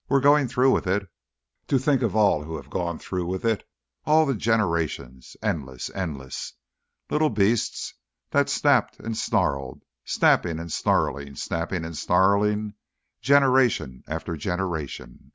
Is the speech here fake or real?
real